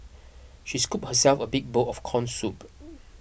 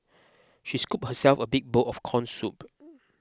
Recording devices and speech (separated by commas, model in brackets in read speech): boundary microphone (BM630), close-talking microphone (WH20), read sentence